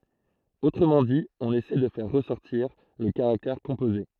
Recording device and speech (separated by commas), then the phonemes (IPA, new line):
throat microphone, read sentence
otʁəmɑ̃ di ɔ̃n esɛ də fɛʁ ʁəsɔʁtiʁ lə kaʁaktɛʁ kɔ̃poze